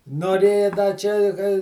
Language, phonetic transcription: Lithuanian, noˈrėja da ˈčia i ka

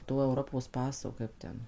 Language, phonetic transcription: Lithuanian, ˈto euˈropos ˈpaso ˈkaip ten

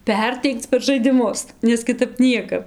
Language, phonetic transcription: Lithuanian, ˈperteikc per žaidiˈmus nes kiˈtap ˈniekap

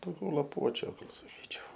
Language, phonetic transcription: Lithuanian, dauˈgiau laˈpuočiu gal saˈkyčiau

